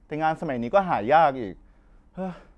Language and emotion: Thai, frustrated